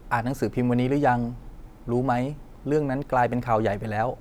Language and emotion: Thai, neutral